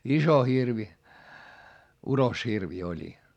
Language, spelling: Finnish, iso hirvi uroshirvi oli
- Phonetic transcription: iso hirvi , uroshirvi oĺi .

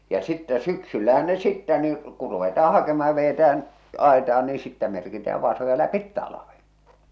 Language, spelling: Finnish, ja sitten syksyllähän ne sitten niin kun ruvetaan hakemaan ja vedetään ajetaan niin sitten merkitään vasoja läpi talven
- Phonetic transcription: ja 'sittɛ "syksyllähän ne 'sittä nii , ku ruvetaa 'hakema̳ ja vejetä₍än , 'àeta₍an nii sittä merkitää 'vàsoja "lä'pit 'talaven .

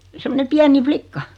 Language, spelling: Finnish, semmoinen pieni likka
- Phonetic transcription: 'semmone 'piäni "flikka .

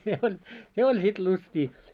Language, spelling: Finnish, se oli se oli sitten lystiä
- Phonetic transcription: se oĺ , 'se oĺ 'sit 'lustii .

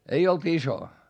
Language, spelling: Finnish, ei ollut iso
- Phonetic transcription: ei olt iso .

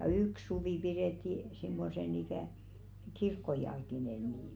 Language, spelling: Finnish, ja yksi suvi pidettiin semmoisena ikään kirkkojalkineena niitä
- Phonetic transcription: ja "yks 'suvì piðètti , simmosen ‿ikä̀ , 'kirkkojalkinen̆ niit .

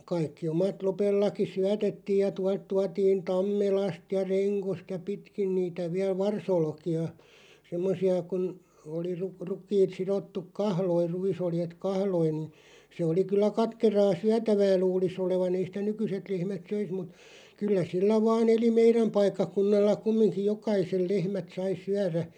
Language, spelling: Finnish, kaikki omat Lopellakin syötettiin ja - tuotiin Tammelasta ja Rengosta ja pitkin niitä vielä varsiolkia semmoisia kun oli - rukiit sidottu kahloihin ruisoljet kahloihin ne se oli kyllä katkeraa syötävää luulisi olevan ei sitä nykyiset lehmät söisi mutta kyllä sillä vain eli meidän paikkakunnalla kumminkin jokaisen lehmät sai syödä
- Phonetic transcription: 'kaikki 'omat 'Lopellaki "syätettiij ja tua- 'tuatiin "Tammelast ja 'Reŋkost ja 'pitkin niitä 'viäl "varsolki₍a , 'semmosi₍a kun , oli rᵘ- 'ruk̀iit 'sirottuk "kahloiʳ 'ruisoljet "kahloin̆ nⁱ , se oli 'kyllä 'katkeraa "syätävää 'luulis ‿olevan ei sⁱtä "nykyset 'lehmät "söis mut , 'kyllä 'sillä 'vaan ‿eli "meiräm 'paikkakunnalla 'kummiŋkiʲ "jokaiseˡ 'lehmät 'sai 'syärä .

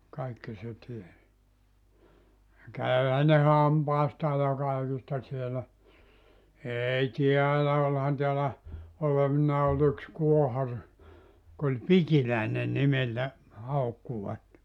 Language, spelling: Finnish, kaikki se tiesi ja kävihän ne hampaistaan ja kaikista siellä ei täällä olihan täällä olevinaan oli yksi kuohari joka oli Pikiläinen nimeltä haukkuivat
- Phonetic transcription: 'kaikki se 'ties , ja "käyhä ne "hampaistaa ja 'kaikista sielä , "eei "tiälä 'olhan tiälä , 'olevinnaa ol ‿yks 'kuohar , jok ‿oĺ "Pikilä̀ene 'nimeltä , 'haukkuvat .

